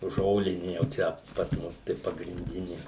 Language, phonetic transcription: Lithuanian, ˈžolini jau ˈčia pas ˈmus tai pagrinˈdini

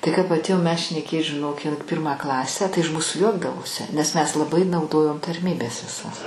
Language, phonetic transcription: Lithuanian, tai kap atˈėjom mes šneˈkėt žiˈnok in ˈpirmą ˈklasę tai iš ˈmūsu ˈjuokdavosi nes mes laˈbai nauˈdojom tarˈmybes viˈsas

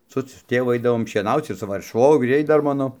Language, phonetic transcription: Lithuanian, ˈsu su ˈtėvu ˈaidavom šieˈnauc ir su ˈva švogˈriai ˈdar ˈmano

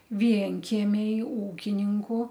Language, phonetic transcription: Lithuanian, ˈvienkiemiai ˈūkininku

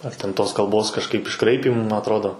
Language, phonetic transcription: Lithuanian, ar ten ˈtos kalˈbos kažˈkaip išˈkraipymų ma atˈrodo

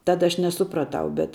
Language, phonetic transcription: Lithuanian, ˈtada aš neˈsupraˌtau bet

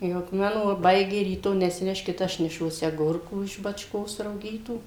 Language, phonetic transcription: Lithuanian, ˈjau k ˈmano vaˈbaigė ryˈto nesiˈneškit ˈaš neˈšuosi aˈgurkų iš bačˈkos rauˈgytų

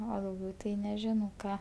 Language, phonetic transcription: Lithuanian, o dauˈgiau tai neˈžinau ˈką

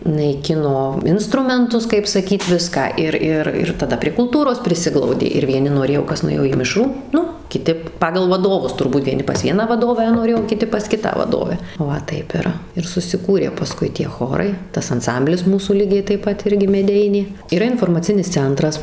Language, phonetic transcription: Lithuanian, naiˈkino ˈinstrumentus kaip saˈkyt ˈviską ˈir ˈir ir taˈda prie kulˈtūros priˈsiglaudė ir vieˈni noˈrėjo ˈkas nuˈėjo į ˈmišrų ˈnu kiˈti ˈpagal vaˈdovus turˈbūt eiˈni pas ˈvieną vaˈdovę noˈrėjo o kiˈti pas ˈkitą vaˈdovę ˈva ˈtaip ir ir susiˈkūrė paˈskui tie ˈchorai ˈtas anˈsamblis ˈmūsų ˈlygiai taip ˈpat ˈirgi meˈdeinė yˈra informaˈcinis ˈcentras

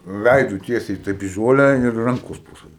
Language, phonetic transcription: Lithuanian, ˈveidu ˈtiesiai ˈtaip i ˈžolę ir ˈrankos po saˈvim

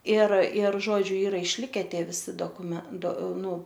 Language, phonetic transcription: Lithuanian, ir ir ˈžodžiu ˈyra išˈlike ˈtie viˈsi dokuˈmen do ˈnu

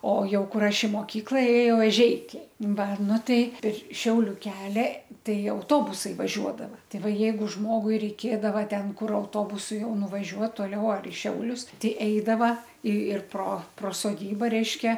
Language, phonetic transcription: Lithuanian, o ˈjau ˈkur ˈaš i moˈkykla ėˈjau eˈžeikiai ˈva ˈnu ˈtai ir ˈšiauliu ˈkelia ˈtai auˈtobusai vaˈžiuodava ˈtai ˈva ˈjeigu ˈžmogui reiˈkėdava ˈten ˈkur auˈtobusu ˈjau nuvaˈžiuot toˈliau ar i ˈšiaulius ˈtei ˈeidava i ir pro pro soˈdyba ˈreiškia

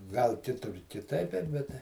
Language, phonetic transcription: Lithuanian, gal ˈkitur kiˈtaip bet ˈbet tai

